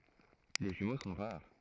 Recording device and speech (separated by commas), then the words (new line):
throat microphone, read sentence
Les jumeaux sont rares.